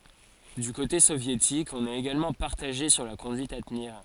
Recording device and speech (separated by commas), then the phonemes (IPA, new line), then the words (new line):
forehead accelerometer, read sentence
dy kote sovjetik ɔ̃n ɛt eɡalmɑ̃ paʁtaʒe syʁ la kɔ̃dyit a təniʁ
Du côté soviétique, on est également partagé sur la conduite à tenir.